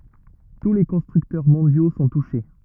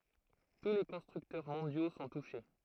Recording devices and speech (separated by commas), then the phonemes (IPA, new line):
rigid in-ear microphone, throat microphone, read sentence
tu le kɔ̃stʁyktœʁ mɔ̃djo sɔ̃ tuʃe